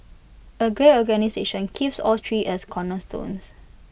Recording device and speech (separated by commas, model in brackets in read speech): boundary microphone (BM630), read sentence